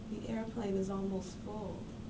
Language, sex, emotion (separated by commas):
English, female, sad